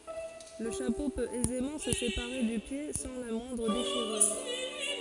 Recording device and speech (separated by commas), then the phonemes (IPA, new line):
forehead accelerometer, read sentence
lə ʃapo pøt ɛzemɑ̃ sə sepaʁe dy pje sɑ̃ la mwɛ̃dʁ deʃiʁyʁ